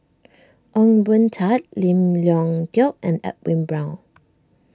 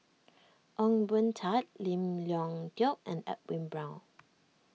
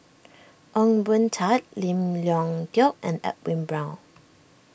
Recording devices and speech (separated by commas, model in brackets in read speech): standing microphone (AKG C214), mobile phone (iPhone 6), boundary microphone (BM630), read sentence